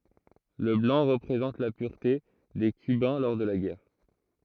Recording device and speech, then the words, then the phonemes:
throat microphone, read sentence
Le blanc représente la pureté des cubains lors de la guerre.
lə blɑ̃ ʁəpʁezɑ̃t la pyʁte de kybɛ̃ lɔʁ də la ɡɛʁ

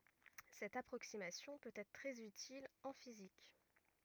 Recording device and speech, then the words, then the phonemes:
rigid in-ear microphone, read sentence
Cette approximation peut être très utile en physique.
sɛt apʁoksimasjɔ̃ pøt ɛtʁ tʁɛz ytil ɑ̃ fizik

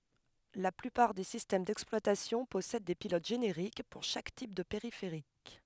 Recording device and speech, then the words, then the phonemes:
headset microphone, read sentence
La plupart des systèmes d’exploitation possèdent des pilotes génériques, pour chaque type de périphérique.
la plypaʁ de sistɛm dɛksplwatasjɔ̃ pɔsɛd de pilot ʒeneʁik puʁ ʃak tip də peʁifeʁik

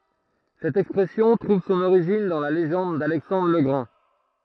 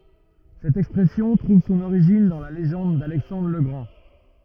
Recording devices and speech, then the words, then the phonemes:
throat microphone, rigid in-ear microphone, read sentence
Cette expression trouve son origine dans la légende d’Alexandre le Grand.
sɛt ɛkspʁɛsjɔ̃ tʁuv sɔ̃n oʁiʒin dɑ̃ la leʒɑ̃d dalɛksɑ̃dʁ lə ɡʁɑ̃

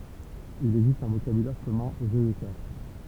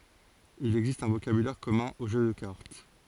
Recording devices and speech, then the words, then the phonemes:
temple vibration pickup, forehead accelerometer, read sentence
Il existe un vocabulaire commun aux jeux de cartes.
il ɛɡzist œ̃ vokabylɛʁ kɔmœ̃ o ʒø də kaʁt

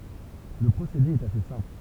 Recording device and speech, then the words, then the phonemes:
temple vibration pickup, read sentence
Le procédé est assez simple.
lə pʁosede ɛt ase sɛ̃pl

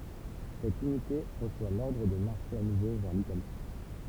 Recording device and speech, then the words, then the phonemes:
temple vibration pickup, read sentence
Cette unité reçoit l'ordre de marcher à nouveau vers l'Italie.
sɛt ynite ʁəswa lɔʁdʁ də maʁʃe a nuvo vɛʁ litali

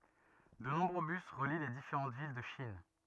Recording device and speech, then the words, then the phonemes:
rigid in-ear microphone, read sentence
De nombreux bus relient les différents villes de Chine.
də nɔ̃bʁø bys ʁəli le difeʁɑ̃ vil də ʃin

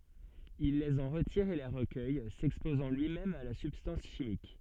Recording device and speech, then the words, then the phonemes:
soft in-ear microphone, read sentence
Il les en retire et les recueille, s'exposant lui-même à la substance chimique.
il lez ɑ̃ ʁətiʁ e le ʁəkœj sɛkspozɑ̃ lyimɛm a la sybstɑ̃s ʃimik

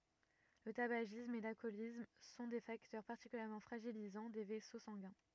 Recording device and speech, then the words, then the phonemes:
rigid in-ear microphone, read sentence
Le tabagisme et l'alcoolisme sont des facteurs particulièrement fragilisants des vaisseaux sanguins.
lə tabaʒism e lalkɔlism sɔ̃ de faktœʁ paʁtikyljɛʁmɑ̃ fʁaʒilizɑ̃ de vɛso sɑ̃ɡɛ̃

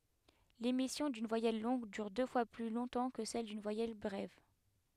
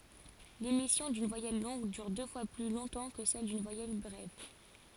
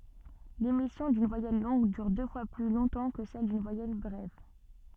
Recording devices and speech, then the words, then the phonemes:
headset microphone, forehead accelerometer, soft in-ear microphone, read sentence
L'émission d'une voyelle longue dure deux fois plus longtemps que celle d'une voyelle brève.
lemisjɔ̃ dyn vwajɛl lɔ̃ɡ dyʁ dø fwa ply lɔ̃tɑ̃ kə sɛl dyn vwajɛl bʁɛv

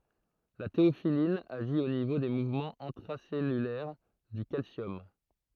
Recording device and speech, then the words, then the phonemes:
throat microphone, read sentence
La théophylline agit au niveau des mouvements intracellulaires du calcium.
la teofilin aʒi o nivo de muvmɑ̃z ɛ̃tʁasɛlylɛʁ dy kalsjɔm

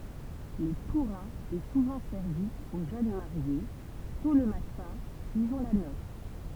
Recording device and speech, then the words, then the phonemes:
temple vibration pickup, read sentence
Le tourin est souvent servi aux jeunes mariés, tôt le matin suivant la noce.
lə tuʁɛ̃ ɛ suvɑ̃ sɛʁvi o ʒøn maʁje tɔ̃ lə matɛ̃ syivɑ̃ la nɔs

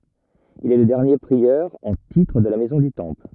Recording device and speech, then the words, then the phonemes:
rigid in-ear microphone, read sentence
Il est le dernier prieur en titre de la Maison du Temple.
il ɛ lə dɛʁnje pʁiœʁ ɑ̃ titʁ də la mɛzɔ̃ dy tɑ̃pl

